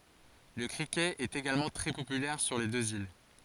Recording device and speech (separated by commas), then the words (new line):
forehead accelerometer, read sentence
Le cricket est également très populaire sur les deux îles.